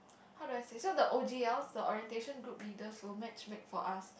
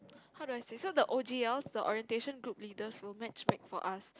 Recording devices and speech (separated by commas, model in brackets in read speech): boundary microphone, close-talking microphone, conversation in the same room